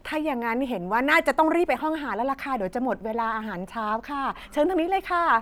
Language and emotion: Thai, happy